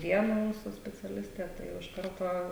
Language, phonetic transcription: Lithuanian, ˈviena ˈmūsų speciaˈlistė tai ˈjau iš ˈkarto

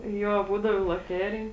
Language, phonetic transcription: Lithuanian, ˈjo ˈbūdavo i loˈterij

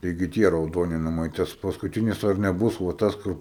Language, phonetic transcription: Lithuanian, ˈtaigi ˈtie rauˈdoni naˈmai ˈtas paskuˈtinis ar neˈbus va ˈtas ˈkur

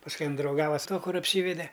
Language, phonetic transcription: Lithuanian, pasˈkui ˈin drauˈgava su ˈtuo ˈkur apˈsyvede

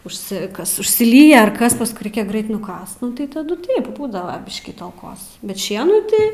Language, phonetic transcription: Lithuanian, užˈsikas užsiˈlyja ar ˈkas pasˈkui ˈraikia ˈgrait nuˈkast ˈnu tai ˈtadu ˈtaip ˈbūdava ˈbiškį talˈkos bet ˈšienų tai

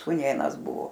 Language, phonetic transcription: Lithuanian, sūˈnėnas ˈbuvo

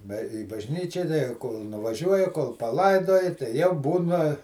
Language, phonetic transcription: Lithuanian, ba į bažˈnyčia kol nuvaˈžiuoja kol paˈlaidoja tai jau ˈbūna

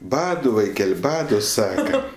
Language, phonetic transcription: Lithuanian, ˈbadu vaiˈkel' ˈbadu ˈsaka

